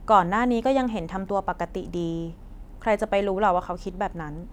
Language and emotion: Thai, neutral